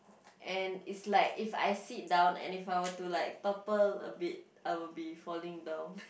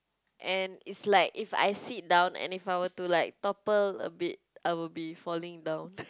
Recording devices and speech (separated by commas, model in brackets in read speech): boundary microphone, close-talking microphone, conversation in the same room